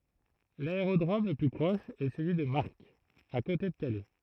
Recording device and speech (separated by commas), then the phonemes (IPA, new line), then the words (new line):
throat microphone, read sentence
laeʁodʁom lə ply pʁɔʃ ɛ səlyi də maʁk a kote də kalɛ
L'aérodrome le plus proche est celui de Marck, à côté de Calais.